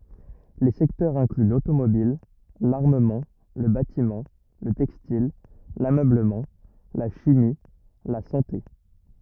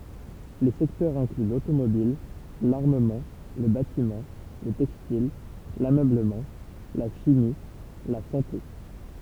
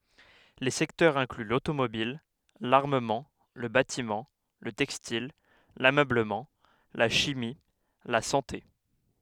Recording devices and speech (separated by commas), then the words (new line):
rigid in-ear microphone, temple vibration pickup, headset microphone, read sentence
Les secteurs incluent l'automobile, l'armement, le bâtiment, le textile, l'ameublement, la chimie, la santé.